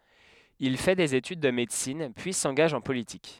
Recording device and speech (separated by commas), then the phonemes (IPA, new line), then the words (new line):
headset microphone, read sentence
il fɛ dez etyd də medəsin pyi sɑ̃ɡaʒ ɑ̃ politik
Il fait des études de médecine, puis s'engage en politique.